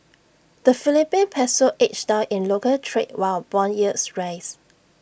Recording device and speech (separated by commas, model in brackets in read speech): boundary microphone (BM630), read sentence